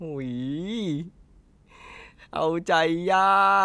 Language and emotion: Thai, happy